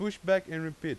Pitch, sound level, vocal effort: 170 Hz, 93 dB SPL, loud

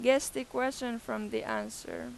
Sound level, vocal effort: 91 dB SPL, very loud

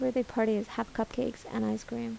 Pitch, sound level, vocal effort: 225 Hz, 77 dB SPL, soft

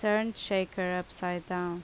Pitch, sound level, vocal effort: 180 Hz, 82 dB SPL, loud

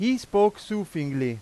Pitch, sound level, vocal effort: 200 Hz, 97 dB SPL, very loud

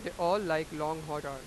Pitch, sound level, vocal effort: 155 Hz, 98 dB SPL, loud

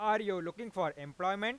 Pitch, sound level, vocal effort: 195 Hz, 101 dB SPL, loud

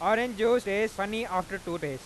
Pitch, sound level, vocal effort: 200 Hz, 100 dB SPL, very loud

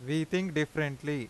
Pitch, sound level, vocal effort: 150 Hz, 90 dB SPL, loud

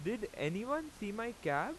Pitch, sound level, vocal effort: 205 Hz, 90 dB SPL, very loud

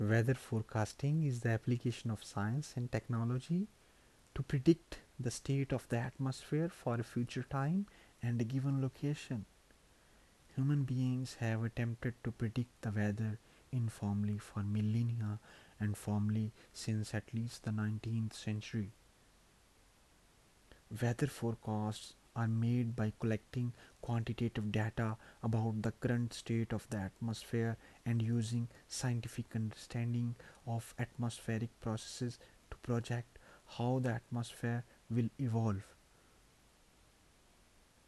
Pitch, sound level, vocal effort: 115 Hz, 74 dB SPL, soft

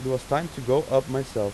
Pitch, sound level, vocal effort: 135 Hz, 89 dB SPL, normal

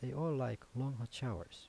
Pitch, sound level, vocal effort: 125 Hz, 79 dB SPL, soft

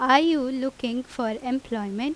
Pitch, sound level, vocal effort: 255 Hz, 88 dB SPL, very loud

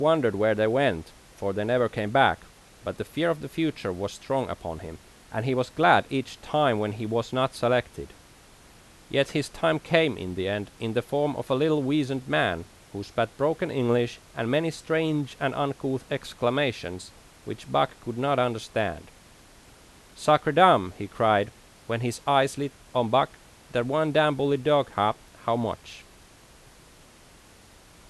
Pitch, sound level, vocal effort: 120 Hz, 87 dB SPL, loud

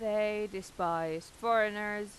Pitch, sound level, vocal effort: 210 Hz, 91 dB SPL, normal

